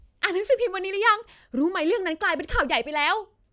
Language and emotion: Thai, happy